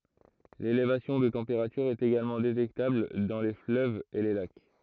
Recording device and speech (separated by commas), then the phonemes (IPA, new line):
throat microphone, read sentence
lelevasjɔ̃ də tɑ̃peʁatyʁ ɛt eɡalmɑ̃ detɛktabl dɑ̃ le fløvz e le lak